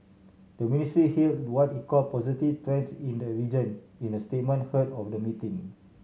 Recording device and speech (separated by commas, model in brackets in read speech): mobile phone (Samsung C7100), read sentence